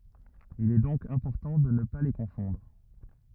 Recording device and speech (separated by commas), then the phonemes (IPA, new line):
rigid in-ear microphone, read sentence
il ɛ dɔ̃k ɛ̃pɔʁtɑ̃ də nə pa le kɔ̃fɔ̃dʁ